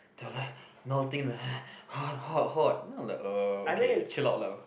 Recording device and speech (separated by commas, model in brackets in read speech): boundary microphone, conversation in the same room